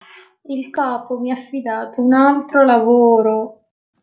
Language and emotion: Italian, sad